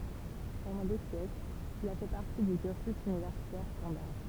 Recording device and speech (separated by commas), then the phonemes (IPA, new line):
temple vibration pickup, read sentence
pɑ̃dɑ̃ de sjɛklz il a fɛ paʁti dy kyʁsy ynivɛʁsitɛʁ stɑ̃daʁ